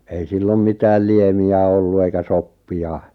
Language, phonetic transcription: Finnish, ei 'sillom 'mitääl "liemi₍ä ollu eikä "soppi₍a .
- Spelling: ei silloin mitään liemiä ollut eikä soppia

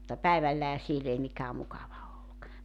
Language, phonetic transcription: Finnish, mutta "päivällähä 'siel ‿ei 'mikää 'mukava olluk .
- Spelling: mutta päivällähän siellä ei mikään mukava ollut

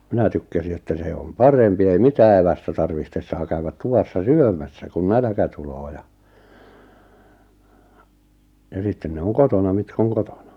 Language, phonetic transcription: Finnish, 'minä tykkäsi että 'se om "parempi ei 'mitää evästä 'tarvihtes 'saa käywät 'tuvassa "syömässä kun "nälᵃ̈kä 'tuloo ja , ja 'sitten ne 'oŋ "kotona 'mitk ‿oŋ "kotona .
- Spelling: minä tykkäsin että se on parempi ei mitään evästä tarvitse saa käydä tuvassa syömässä kun nälkä tulee ja ja sitten ne on kotona mitkä on kotona

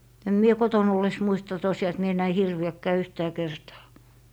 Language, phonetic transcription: Finnish, em 'mie 'koton ‿olles 'muista tosiʲaa et mie näi 'hirvi₍äkkää 'yhtää 'kertaa .
- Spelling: en minä kotona ollessa muista tosiaan että minä näin hirviäkään yhtään kertaa

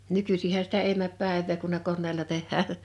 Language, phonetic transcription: Finnish, 'nykysih̀ä sitä 'èi mäp 'pä̀ev̆vee kun ne 'konneela 'teh̆hää .
- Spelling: nykyisinhän sitä ei mene päivää kun ne koneella tehdään

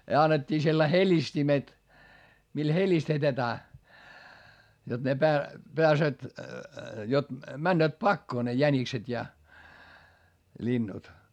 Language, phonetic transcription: Finnish, ja annet́t́ii sellai heĺistimet , mil helistetetää , jot ne pää- , peäsööt , jot , männööt pakkoo ne jänikset ja , ĺinnut .
- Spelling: ja annettiin sellaiset helistimet millä helistetään jotta ne - pääsevät jotta menevät pakoon ne jänikset ja linnut

